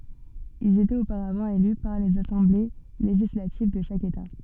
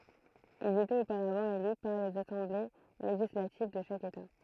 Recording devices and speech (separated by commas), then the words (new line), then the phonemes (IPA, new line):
soft in-ear microphone, throat microphone, read sentence
Ils étaient auparavant élus par les assemblées législatives de chaque État.
ilz etɛt opaʁavɑ̃ ely paʁ lez asɑ̃ble leʒislativ də ʃak eta